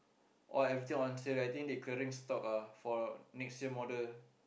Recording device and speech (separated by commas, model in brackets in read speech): boundary microphone, conversation in the same room